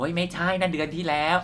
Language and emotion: Thai, frustrated